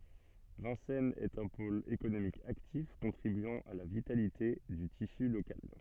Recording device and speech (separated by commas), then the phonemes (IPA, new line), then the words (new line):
soft in-ear microphone, read sentence
vɛ̃sɛnz ɛt œ̃ pol ekonomik aktif kɔ̃tʁibyɑ̃ a la vitalite dy tisy lokal
Vincennes est un pôle économique actif contribuant à la vitalité du tissu locale.